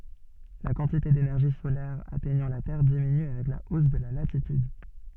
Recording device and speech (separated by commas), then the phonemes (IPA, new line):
soft in-ear microphone, read sentence
la kɑ̃tite denɛʁʒi solɛʁ atɛɲɑ̃ la tɛʁ diminy avɛk la os də la latityd